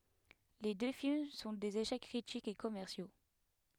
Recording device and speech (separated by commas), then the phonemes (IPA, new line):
headset microphone, read sentence
le dø film sɔ̃ dez eʃɛk kʁitikz e kɔmɛʁsjo